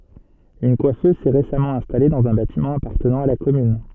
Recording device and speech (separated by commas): soft in-ear microphone, read sentence